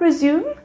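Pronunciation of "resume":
'Resume' is pronounced incorrectly here.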